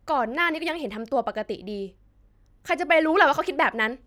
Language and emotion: Thai, angry